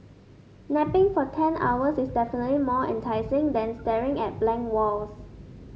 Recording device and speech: mobile phone (Samsung S8), read sentence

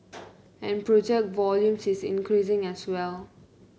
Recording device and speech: mobile phone (Samsung C9), read sentence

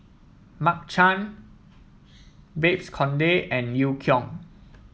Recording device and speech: mobile phone (iPhone 7), read sentence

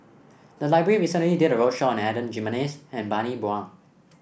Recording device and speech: boundary microphone (BM630), read sentence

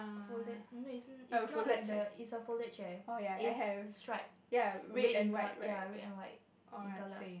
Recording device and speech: boundary microphone, conversation in the same room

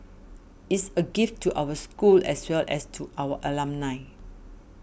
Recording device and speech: boundary microphone (BM630), read sentence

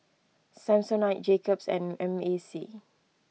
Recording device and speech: mobile phone (iPhone 6), read sentence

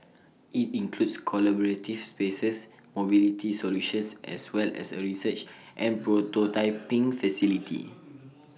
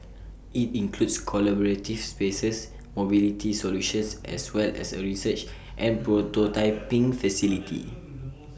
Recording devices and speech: mobile phone (iPhone 6), boundary microphone (BM630), read sentence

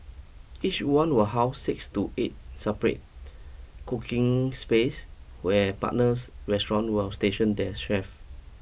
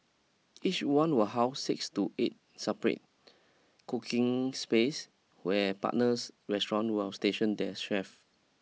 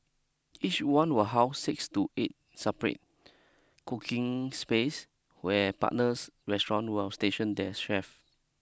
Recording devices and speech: boundary microphone (BM630), mobile phone (iPhone 6), close-talking microphone (WH20), read sentence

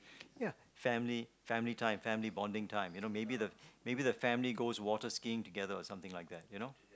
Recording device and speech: close-talking microphone, conversation in the same room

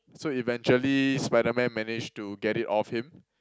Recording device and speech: close-talking microphone, conversation in the same room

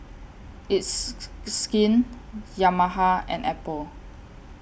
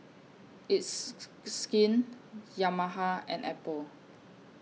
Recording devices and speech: boundary microphone (BM630), mobile phone (iPhone 6), read sentence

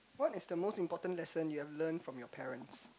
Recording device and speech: close-talking microphone, conversation in the same room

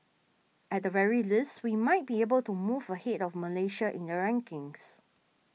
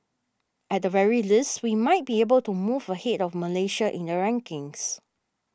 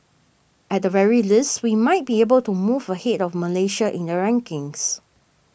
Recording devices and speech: mobile phone (iPhone 6), standing microphone (AKG C214), boundary microphone (BM630), read sentence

